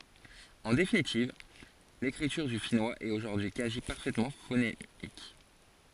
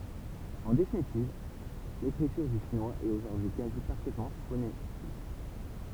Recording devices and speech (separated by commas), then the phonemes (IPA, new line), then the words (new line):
forehead accelerometer, temple vibration pickup, read sentence
ɑ̃ definitiv lekʁityʁ dy finwaz ɛt oʒuʁdyi y kazi paʁfɛtmɑ̃ fonemik
En définitive, l'écriture du finnois est aujourd'hui quasi parfaitement phonémique.